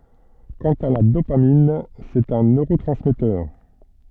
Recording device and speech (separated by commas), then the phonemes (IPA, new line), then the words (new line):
soft in-ear microphone, read sentence
kɑ̃t a la dopamin sɛt œ̃ nøʁotʁɑ̃smɛtœʁ
Quant à la dopamine, c'est un neurotransmetteur.